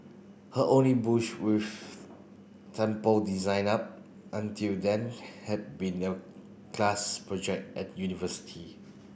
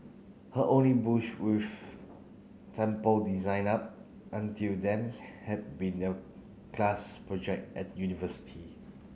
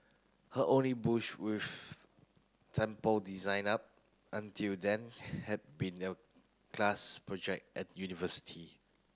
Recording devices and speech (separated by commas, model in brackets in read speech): boundary microphone (BM630), mobile phone (Samsung C9), close-talking microphone (WH30), read sentence